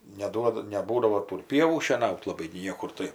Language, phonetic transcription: Lithuanian, neˈduoda neˈbūdavo ˈtų ir ˈpievų šieˈnaut laˈbai gi ˈniekur ˈtai

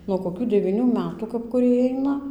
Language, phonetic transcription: Lithuanian, nuo koˈkių devyˈnių ˈmetų kap kuˈriej ˈaina

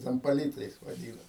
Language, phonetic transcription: Lithuanian, ˈten paˈlytais vaˈdyna

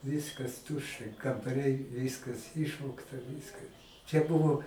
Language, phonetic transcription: Lithuanian, ˈviskas ˈtuščia kambaˈriai ˈviskas ˈišvogta ˈviska čia ˈbuvo

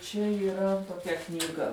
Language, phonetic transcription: Lithuanian, čia yˈra toˈkia knyˈga

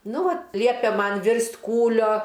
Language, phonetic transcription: Lithuanian, ˈnu ˈvat ˈliepė ˈman ˈvirst' ˈkūlio

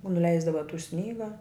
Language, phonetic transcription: Lithuanian, nuˈleisdava tų ˈsnyga

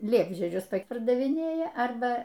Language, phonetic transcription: Lithuanian, ˈliepžiedžius ˈtaip pardaviˈnėja ˈarba

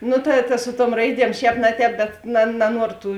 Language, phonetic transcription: Lithuanian, ˈnu ta ta ˈsu ˌtuom ˈraiˌdiem ˈšēp na ˌtēp bet na naˈnuoro ˈtų

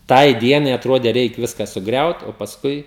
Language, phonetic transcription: Lithuanian, ˈtai ˈdienai atˈrodė ˈreik ˈviska suˈgriaut o pasˈkui

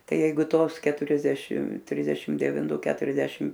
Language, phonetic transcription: Lithuanian, ˈtai ˈjeigu ˈtos keturiasˈdešim ˈtrisdešim devinˈtu ˈketuriasdešim

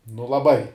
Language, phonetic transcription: Lithuanian, nu laˈbai

